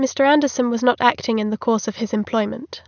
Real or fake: real